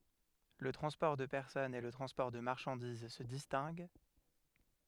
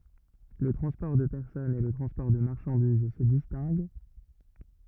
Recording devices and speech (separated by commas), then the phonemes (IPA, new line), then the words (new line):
headset microphone, rigid in-ear microphone, read sentence
lə tʁɑ̃spɔʁ də pɛʁsɔnz e lə tʁɑ̃spɔʁ də maʁʃɑ̃diz sə distɛ̃ɡ
Le transport de personnes et le transport de marchandises se distinguent.